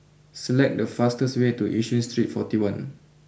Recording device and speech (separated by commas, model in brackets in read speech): boundary microphone (BM630), read sentence